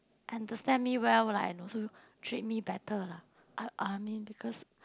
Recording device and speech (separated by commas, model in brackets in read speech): close-talking microphone, conversation in the same room